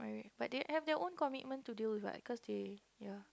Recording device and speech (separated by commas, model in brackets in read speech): close-talking microphone, conversation in the same room